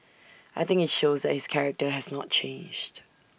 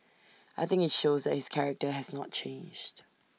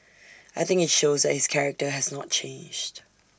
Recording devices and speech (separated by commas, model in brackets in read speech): boundary microphone (BM630), mobile phone (iPhone 6), standing microphone (AKG C214), read sentence